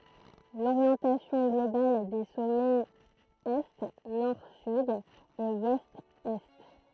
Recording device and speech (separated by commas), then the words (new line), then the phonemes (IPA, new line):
throat microphone, read sentence
L'orientation globale des sommets est Nord-Sud et Ouest-Est.
loʁjɑ̃tasjɔ̃ ɡlobal de sɔmɛz ɛ nɔʁ syd e wɛst ɛ